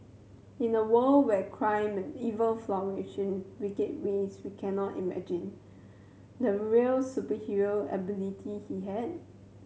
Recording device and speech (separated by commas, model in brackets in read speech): mobile phone (Samsung C7100), read sentence